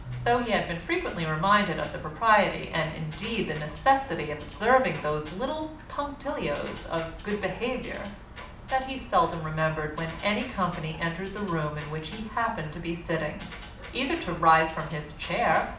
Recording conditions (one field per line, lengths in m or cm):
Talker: one person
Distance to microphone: 2.0 m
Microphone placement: close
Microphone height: 99 cm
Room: medium-sized (5.7 m by 4.0 m)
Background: music